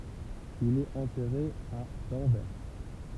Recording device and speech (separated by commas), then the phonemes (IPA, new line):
temple vibration pickup, read sentence
il ɛt ɑ̃tɛʁe a dɑ̃vɛʁ